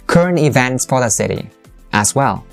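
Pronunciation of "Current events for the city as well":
'Current events for the city as well' is said with dropping intonation.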